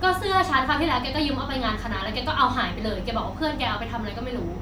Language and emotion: Thai, angry